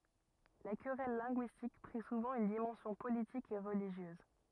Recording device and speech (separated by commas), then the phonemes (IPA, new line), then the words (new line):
rigid in-ear microphone, read sentence
la kʁɛl lɛ̃ɡyistik pʁi suvɑ̃ yn dimɑ̃sjɔ̃ politik e ʁəliʒjøz
La querelle linguistique prit souvent une dimension politique et religieuse.